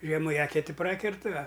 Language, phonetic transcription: Lithuanian, ˈžiemu i ˈeketi ˈprakertɨ a

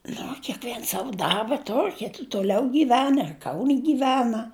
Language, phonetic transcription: Lithuanian, ˈnu o keˈkviens ˈsavu ˈdarba ˈtor' ˈkiti tuˈliau gyˈvena ir kaun' gyˈvena

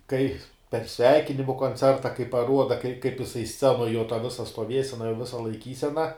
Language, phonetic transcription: Lithuanian, ˈkai per ˈsveikinimu konˈcerta kai paˈruoda kai kaip jiˈsai ˈscenoj jo ta ˈvisa stoˈviesena jo ˈvisa laiˈkysena

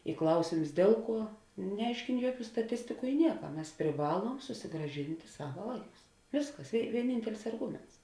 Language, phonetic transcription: Lithuanian, i ˈklausėms ˈdėl ˌkuo neˈaiškėn ˈjuoˌkių staˈtistiku i ˈnieka ˈmes priˈvaluom susigraˈžinti ˈsava ˈvaiˌkus ˈvėsˌkas i vieˈnyntelis arˈguments

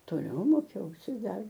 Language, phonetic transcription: Lithuanian, toˈliau ˈmokiausi ˈdar

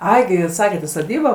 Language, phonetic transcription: Lithuanian, ˈai gi ˈjūs ˈsaket i soˈdybo

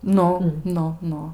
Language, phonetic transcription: Lithuanian, ˈnu ˈnu ˈnu

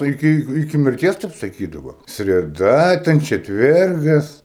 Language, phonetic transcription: Lithuanian, iˈki iˈki mirˈties ˈtep saˈkydavo sreˈda ten četˈvergas

